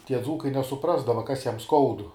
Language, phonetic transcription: Lithuanian, ˈtie ˈdzūkai nesuˈprasdava ˈkas ˈjam ˈskaudu

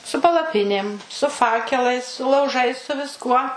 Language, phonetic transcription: Lithuanian, su palaˈpinėm su ˈfakelais su lauˈžais su visˈkuo

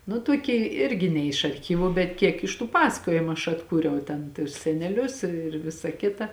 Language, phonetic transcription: Lithuanian, nu tuoˈkė ˈirgi ne iš arˈchyvu bet ˈkiek iš tų ˈpasakojimu aš atˈkūriau ˈten tus seneˈlius ir ˈvisa ˈkita

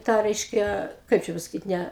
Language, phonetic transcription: Lithuanian, ˈtą ˈreiškia ˈkaip čia pasaˈkyt ˈnæ

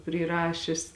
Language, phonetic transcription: Lithuanian, pryˈrašis

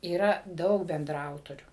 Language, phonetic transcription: Lithuanian, yˈra ˈdaug bendraˈautorių

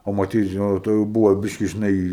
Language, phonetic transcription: Lithuanian, o maˈtyt žiˈnai jau ˈtuo jau ˈbūvo ˈbyški žiˈnai

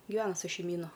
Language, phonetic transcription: Lithuanian, giˈvena su šeimyˈnu

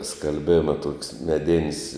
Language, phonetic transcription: Lithuanian, skalˈbėma tok's' meˈdin's'

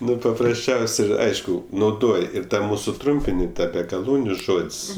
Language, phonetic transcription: Lithuanian, ˈnu paprasˈčiaus' ˈir ˈaišku nauˈdoj ˈir ta ˈmūsu ˈtrumpini ˈtą be gaˈlūniu ˈžod's'

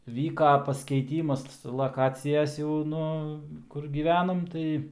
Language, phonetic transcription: Lithuanian, ˈvyka paskeiˈtymas laˈkacijas jau ˈnu ˈkur ˈgyvenom ˈtai

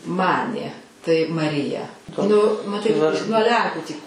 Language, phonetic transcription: Lithuanian, ˈmanė tai maˈrija nu maˈtai nuo ˈlenkų tį

